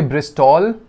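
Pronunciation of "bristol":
'Bristol' is pronounced incorrectly here.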